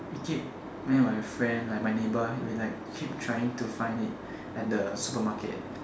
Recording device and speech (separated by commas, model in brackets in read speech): standing microphone, conversation in separate rooms